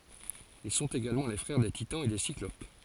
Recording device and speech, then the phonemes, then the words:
forehead accelerometer, read sentence
il sɔ̃t eɡalmɑ̃ le fʁɛʁ de titɑ̃z e de siklop
Ils sont également les frères des Titans et des Cyclopes.

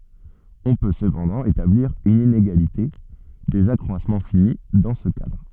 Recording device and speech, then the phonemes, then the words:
soft in-ear microphone, read sentence
ɔ̃ pø səpɑ̃dɑ̃ etabliʁ yn ineɡalite dez akʁwasmɑ̃ fini dɑ̃ sə kadʁ
On peut cependant établir une inégalité des accroissements finis dans ce cadre.

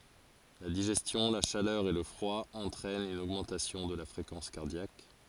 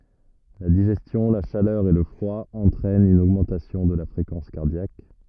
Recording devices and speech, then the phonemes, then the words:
forehead accelerometer, rigid in-ear microphone, read sentence
la diʒɛstjɔ̃ la ʃalœʁ e lə fʁwa ɑ̃tʁɛnt yn oɡmɑ̃tasjɔ̃ də la fʁekɑ̃s kaʁdjak
La digestion, la chaleur et le froid entraînent une augmentation de la fréquence cardiaque.

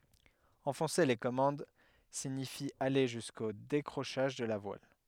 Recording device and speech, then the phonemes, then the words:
headset microphone, read sentence
ɑ̃fɔ̃se le kɔmɑ̃d siɲifi ale ʒysko dekʁoʃaʒ də la vwal
Enfoncer les commandes signifie aller jusqu'au décrochage de la voile.

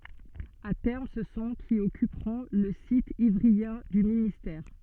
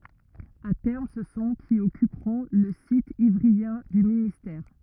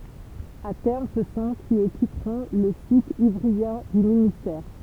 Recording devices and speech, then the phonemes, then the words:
soft in-ear microphone, rigid in-ear microphone, temple vibration pickup, read sentence
a tɛʁm sə sɔ̃ ki ɔkypʁɔ̃ lə sit ivʁiɑ̃ dy ministɛʁ
À terme, ce sont qui occuperont le site ivryen du ministère.

